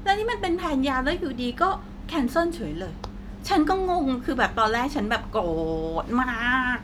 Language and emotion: Thai, frustrated